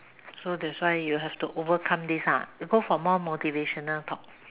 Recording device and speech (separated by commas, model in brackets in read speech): telephone, conversation in separate rooms